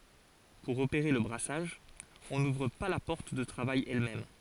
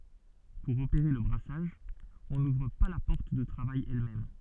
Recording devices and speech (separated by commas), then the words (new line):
forehead accelerometer, soft in-ear microphone, read sentence
Pour opérer le brassage, on n'ouvre pas la porte de travail elle-même.